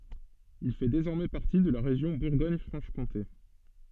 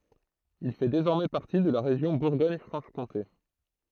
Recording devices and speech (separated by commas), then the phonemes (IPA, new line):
soft in-ear microphone, throat microphone, read sentence
il fɛ dezɔʁmɛ paʁti də la ʁeʒjɔ̃ buʁɡɔɲ fʁɑ̃ʃ kɔ̃te